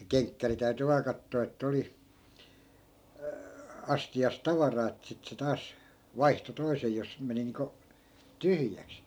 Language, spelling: Finnish, se kenkkäri täytyi vain katsoa että oli astiassa tavaraa että sitten se taas vaihtoi toisen jos meni niin kuin tyhjäksi
- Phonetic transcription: se 'keŋkkäri täy̬ty 'vaa kattoo ettᵃ̈ oli , 'asti₍as "tavaraa että 'sit se 'taas , "vaihto 'toisej jos , 'meni niiŋko , "tyhjäks .

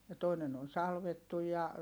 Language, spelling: Finnish, ja toinen on salvattu ja
- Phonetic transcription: ja toinen ‿on salvettuj ja , .

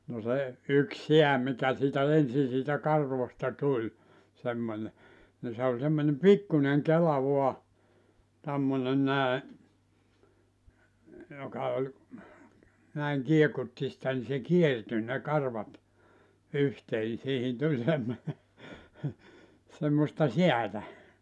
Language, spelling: Finnish, no se yksi sää mikä siitä ensin siitä karvoista tuli semmoinen niin se oli semmoinen pikkuinen kela vain tämmöinen näin joka oli näin kiekutti sitä niin se kiertyi ne karvat yhteen niin siihen tuli semmoinen semmoista säätä
- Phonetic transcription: no 'se , 'yk "seä mikä siitä "ensi siitä "karvosta 'tuĺ , 'semmońe , ni se oĺ semmońem "pikkuneŋ "kela 'vua , tämmone 'nä̀e , joka oĺ , näiŋ 'kiekutti sⁱtä ni se "kierty ne 'karvat , 'yhtee ni siihin 'tuĺ semmone , semmosta "siätä .

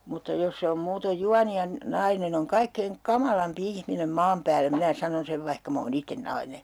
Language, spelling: Finnish, mutta jos se on muuten juoni ja nainen on kaikkein kamalampi ihminen maan päällä minä sanon sen vaikka minä olen itse nainen
- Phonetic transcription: mutta 'jos se om muutoj "juani ja , 'nainen ‿oŋ 'kaikkeiŋ "kamalampi 'ihminem 'maam päällä 'minä "sanon 'sev vaihka m ‿oo'n ‿itten "naine .

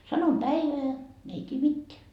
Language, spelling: Finnish, sanon päivää ne ei tiedä mitään
- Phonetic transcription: 'sanom "päiveä , ne ei 't́ie "mitteä .

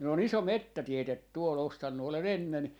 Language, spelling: Finnish, minulla on iso metsätiede tuolla ostanut olen ennen
- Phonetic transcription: minul'l ‿on "iso "mettätietet tuol , 'ostannu 'ole"n ‿ennen .

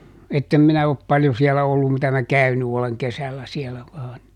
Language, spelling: Finnish, että en minä ole paljon siellä ollut mitä minä käynyt olen kesällä siellä vain
- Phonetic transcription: ˈettem minä op ˈpaljo siɛlä ˈollum mitä mä "käyny oleŋ ˈkesällä ˈsiɛlä vaan .

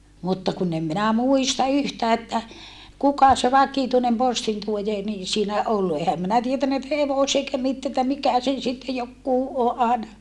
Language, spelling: Finnish, mutta kun en minä muista yhtään että kuka se vakituinen postintuoja niin siinä ollut enhän minä tiennyt että - eikä - että mikä sen sitten joku - aina
- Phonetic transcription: mutta kun ‿em minä muista yhtää että , kuka se vakituinem postintuojee ni siinä ʼollu ehäm minä tietännä että hevose - eikä mit - että mikä sen sitte jokkuu o - àena ,.

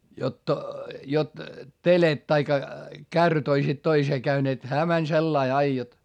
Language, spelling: Finnish, jotta jotta telekat tai kärryt olisivat toiseen käyneet hän meni sillä lailla aina jotta
- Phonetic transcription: jot , jot , telet taikka , kärryt ‿oisit toisee käyneet - hää mäń sellai ai jot .

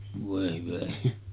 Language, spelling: Finnish, voi hyvä ihme
- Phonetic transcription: 'vòe hyvä (ihme) .

